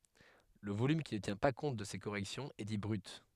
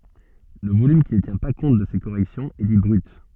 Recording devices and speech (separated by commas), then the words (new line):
headset microphone, soft in-ear microphone, read sentence
Le volume qui ne tient pas compte de ces corrections est dit brut.